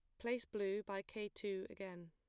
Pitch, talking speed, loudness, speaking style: 200 Hz, 190 wpm, -44 LUFS, plain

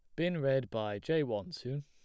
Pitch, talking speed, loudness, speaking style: 140 Hz, 225 wpm, -35 LUFS, plain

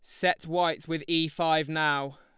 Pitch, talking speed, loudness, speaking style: 165 Hz, 180 wpm, -27 LUFS, Lombard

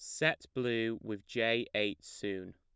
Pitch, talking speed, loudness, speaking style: 105 Hz, 155 wpm, -35 LUFS, plain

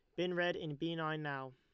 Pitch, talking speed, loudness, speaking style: 155 Hz, 270 wpm, -39 LUFS, Lombard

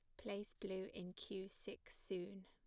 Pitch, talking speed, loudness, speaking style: 195 Hz, 160 wpm, -50 LUFS, plain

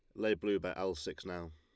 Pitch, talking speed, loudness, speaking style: 95 Hz, 265 wpm, -37 LUFS, Lombard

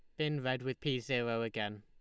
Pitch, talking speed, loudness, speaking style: 130 Hz, 225 wpm, -36 LUFS, Lombard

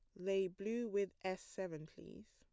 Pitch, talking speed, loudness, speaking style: 190 Hz, 170 wpm, -42 LUFS, plain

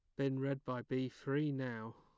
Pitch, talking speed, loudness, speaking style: 135 Hz, 205 wpm, -40 LUFS, plain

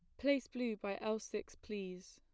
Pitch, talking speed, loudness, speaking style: 215 Hz, 185 wpm, -41 LUFS, plain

